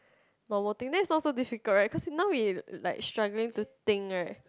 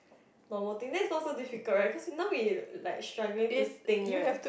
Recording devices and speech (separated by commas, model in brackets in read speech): close-talking microphone, boundary microphone, conversation in the same room